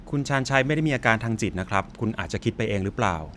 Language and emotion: Thai, neutral